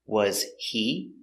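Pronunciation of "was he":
In 'was he', 'he' is unstressed and its h is silent.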